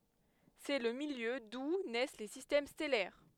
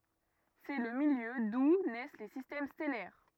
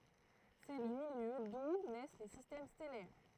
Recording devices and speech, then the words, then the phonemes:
headset microphone, rigid in-ear microphone, throat microphone, read sentence
C'est le milieu d'où naissent les systèmes stellaires.
sɛ lə miljø du nɛs le sistɛm stɛlɛʁ

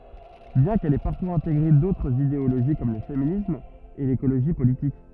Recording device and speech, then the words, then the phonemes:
rigid in-ear microphone, read sentence
Bien qu'elle ait parfois intégré d'autres idéologie comme le féminisme et l'écologie politique.
bjɛ̃ kɛl ɛ paʁfwaz ɛ̃teɡʁe dotʁz ideoloʒi kɔm lə feminism e lekoloʒi politik

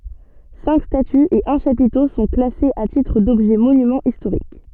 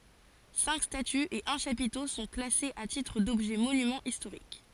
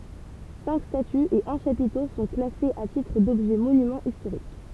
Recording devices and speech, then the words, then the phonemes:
soft in-ear microphone, forehead accelerometer, temple vibration pickup, read sentence
Cinq statues et un chapiteau sont classés à titre d'objets monuments historiques.
sɛ̃k statyz e œ̃ ʃapito sɔ̃ klasez a titʁ dɔbʒɛ monymɑ̃z istoʁik

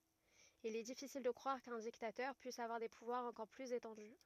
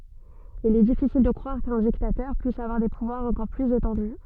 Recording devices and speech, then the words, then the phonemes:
rigid in-ear microphone, soft in-ear microphone, read sentence
Il est difficile de croire qu'un dictateur puisse avoir des pouvoirs encore plus étendus.
il ɛ difisil də kʁwaʁ kœ̃ diktatœʁ pyis avwaʁ de puvwaʁz ɑ̃kɔʁ plyz etɑ̃dy

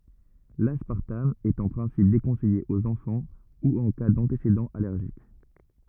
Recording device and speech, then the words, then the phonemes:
rigid in-ear microphone, read sentence
L'aspartame est en principe déconseillé aux enfants ou en cas d'antécédents allergiques.
laspaʁtam ɛt ɑ̃ pʁɛ̃sip dekɔ̃sɛje oz ɑ̃fɑ̃ u ɑ̃ ka dɑ̃tesedɑ̃z alɛʁʒik

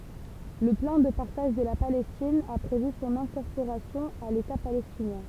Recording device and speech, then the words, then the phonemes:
temple vibration pickup, read sentence
Le plan de partage de la Palestine a prévu son incorporation à l'État palestinien.
lə plɑ̃ də paʁtaʒ də la palɛstin a pʁevy sɔ̃n ɛ̃kɔʁpoʁasjɔ̃ a leta palɛstinjɛ̃

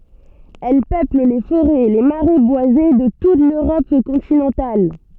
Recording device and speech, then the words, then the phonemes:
soft in-ear microphone, read sentence
Elle peuple les forêts et les marais boisés de toute l'Europe continentale.
ɛl pøpl le foʁɛz e le maʁɛ bwaze də tut løʁɔp kɔ̃tinɑ̃tal

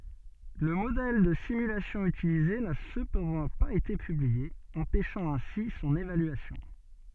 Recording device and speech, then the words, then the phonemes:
soft in-ear microphone, read sentence
Le modèle de simulation utilisé n'a cependant pas été publié, empêchant ainsi son évaluation.
lə modɛl də simylasjɔ̃ ytilize na səpɑ̃dɑ̃ paz ete pyblie ɑ̃pɛʃɑ̃ ɛ̃si sɔ̃n evalyasjɔ̃

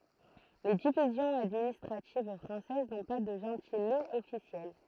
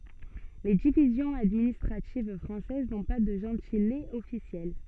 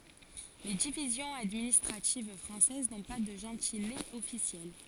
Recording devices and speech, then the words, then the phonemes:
throat microphone, soft in-ear microphone, forehead accelerometer, read sentence
Les divisions administratives françaises n'ont pas de gentilés officiels.
le divizjɔ̃z administʁativ fʁɑ̃sɛz nɔ̃ pa də ʒɑ̃tilez ɔfisjɛl

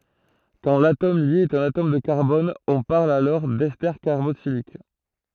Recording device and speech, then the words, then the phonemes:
throat microphone, read sentence
Quand l'atome lié est un atome de carbone, on parle d'esters carboxyliques.
kɑ̃ latom lje ɛt œ̃n atom də kaʁbɔn ɔ̃ paʁl dɛste kaʁboksilik

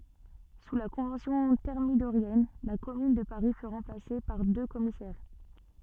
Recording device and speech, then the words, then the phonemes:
soft in-ear microphone, read sentence
Sous la Convention thermidorienne, la Commune de Paris fut remplacée par deux commissaires.
su la kɔ̃vɑ̃sjɔ̃ tɛʁmidoʁjɛn la kɔmyn də paʁi fy ʁɑ̃plase paʁ dø kɔmisɛʁ

